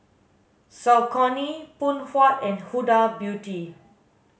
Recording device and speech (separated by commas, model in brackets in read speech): mobile phone (Samsung S8), read sentence